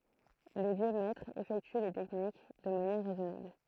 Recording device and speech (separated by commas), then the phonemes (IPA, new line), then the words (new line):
throat microphone, read sentence
le vjø mɛtʁz efɛkty le tɛknik də manjɛʁ ʁɛzɔnabl
Les vieux maîtres effectuent les techniques de manière raisonnable.